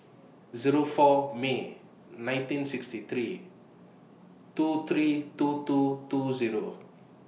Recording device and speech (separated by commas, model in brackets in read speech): mobile phone (iPhone 6), read sentence